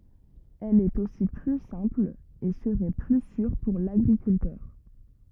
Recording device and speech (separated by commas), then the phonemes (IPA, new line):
rigid in-ear microphone, read sentence
ɛl ɛt osi ply sɛ̃pl e səʁɛ ply syʁ puʁ laɡʁikyltœʁ